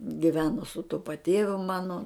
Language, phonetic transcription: Lithuanian, giˈveno su tu paˈtėviu ˈmano

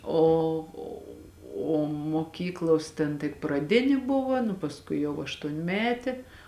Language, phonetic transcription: Lithuanian, ˈo o moˈkyklos ten tik praˈdini ˈbuva nu pasˈkui jau aštuonˈmetė

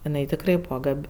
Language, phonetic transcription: Lithuanian, iˈnai tikˈrai ˈbūva ˈgab'

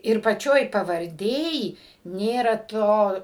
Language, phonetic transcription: Lithuanian, ir paˈčioj pavarˈdėj ˈnėra ˈto

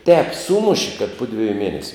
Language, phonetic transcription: Lithuanian, tēp ˈsūmuši kad ˈpu dviju ˈmienesiu

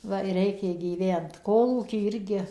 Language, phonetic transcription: Lithuanian, ˈva i ˈreikė gyˈvent ˈkolūky ˈirgi

